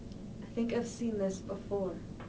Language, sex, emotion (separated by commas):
English, female, fearful